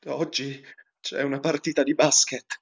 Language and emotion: Italian, fearful